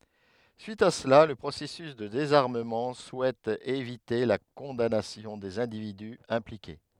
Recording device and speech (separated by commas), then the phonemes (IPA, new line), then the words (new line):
headset microphone, read sentence
syit a səla lə pʁosɛsys də dezaʁməmɑ̃ suɛt evite la kɔ̃danasjɔ̃ dez ɛ̃dividy ɛ̃plike
Suite à cela, le processus de désarmement souhaite éviter la condamnation des individus impliqués.